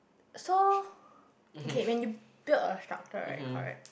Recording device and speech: boundary microphone, conversation in the same room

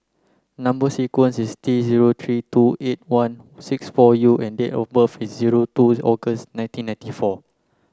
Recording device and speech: close-talking microphone (WH30), read sentence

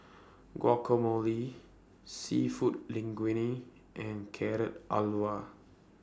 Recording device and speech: standing microphone (AKG C214), read sentence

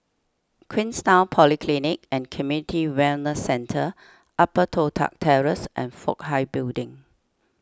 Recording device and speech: standing microphone (AKG C214), read sentence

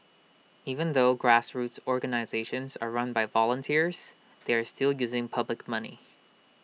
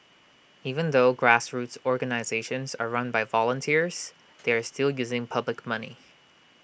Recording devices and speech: mobile phone (iPhone 6), boundary microphone (BM630), read sentence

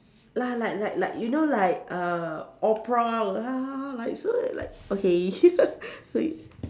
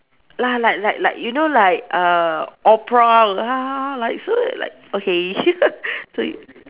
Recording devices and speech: standing microphone, telephone, conversation in separate rooms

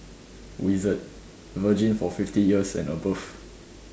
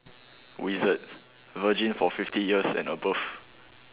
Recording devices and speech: standing microphone, telephone, conversation in separate rooms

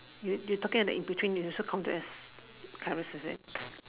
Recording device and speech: telephone, conversation in separate rooms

